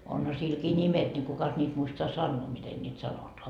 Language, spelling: Finnish, onhan silläkin nimet niin kukas niitä muistaa sanoa miten niitä sanotaan
- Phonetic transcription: onha 'silkii "ńimet ńi 'kukas ńiit muistoa "sannoo miten ńiit 'sanotoa .

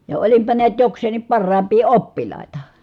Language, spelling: Finnish, ja olinpa näet jokseenkin parhaimpia oppilaita
- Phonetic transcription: ja olimpa niät jokseeǹim parraamp̆pii oppil̀àita .

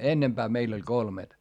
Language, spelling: Finnish, ennempää meillä oli kolmet
- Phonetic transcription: ennemBää meil ‿oĺ kolmet .

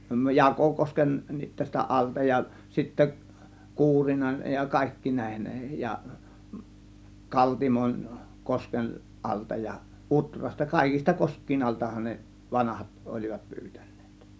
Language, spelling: Finnish, - Jakokoskenkin tästä alta ja sitten Kuurinan ja kaikkien näiden ja Kaltimon kosken alta ja Utrasta kaikista koskien altahan ne vanhat olivat pyytäneet
- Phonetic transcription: Jakòkosken- -nit tästä 'ˀalta ja 'sittä , "Kuurinan , ja 'kàėkkiin 'nä̀ėhen ja , "Kaltimon , 'kosken , 'ˀalta ja , "ˀUtrasta , 'kàėkis̆ta 'kosk̆kiin 'altahan ne "vanahat ol͕ivat 'pyytÄN̆NEEt .

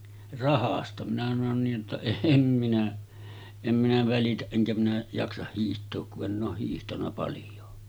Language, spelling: Finnish, rahasta minä sanoin niin jotta en minä en minä välitä enkä minä jaksa hiihtää kun en ole hiihtänyt paljoa
- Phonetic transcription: » 'rahasta « minä sanon niij jotta » 'eem minä , em minä 'välitäˀ ˀeŋkä minä 'jaksah hiiht̆took ku’ ’enⁿ ‿ooh hiihtaǹa palj̆joo « .

